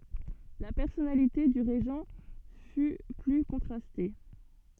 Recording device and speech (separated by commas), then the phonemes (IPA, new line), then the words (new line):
soft in-ear microphone, read sentence
la pɛʁsɔnalite dy ʁeʒɑ̃ fy ply kɔ̃tʁaste
La personnalité du Régent fut plus contrastée.